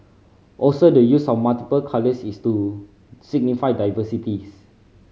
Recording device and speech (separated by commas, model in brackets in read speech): mobile phone (Samsung C5010), read sentence